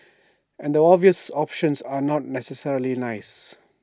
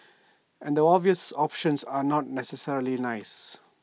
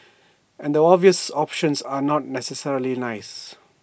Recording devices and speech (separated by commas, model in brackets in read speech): standing microphone (AKG C214), mobile phone (iPhone 6), boundary microphone (BM630), read sentence